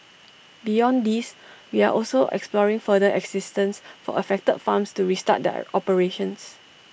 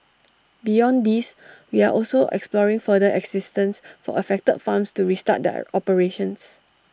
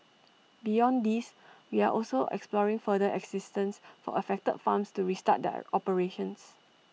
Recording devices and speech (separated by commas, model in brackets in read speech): boundary microphone (BM630), standing microphone (AKG C214), mobile phone (iPhone 6), read sentence